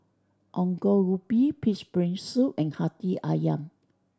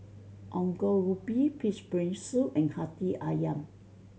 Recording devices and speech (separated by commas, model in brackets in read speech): standing microphone (AKG C214), mobile phone (Samsung C7100), read sentence